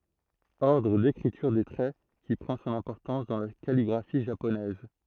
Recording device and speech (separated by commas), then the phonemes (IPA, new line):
throat microphone, read sentence
ɔʁdʁ dekʁityʁ de tʁɛ ki pʁɑ̃ sɔ̃n ɛ̃pɔʁtɑ̃s dɑ̃ la kaliɡʁafi ʒaponɛz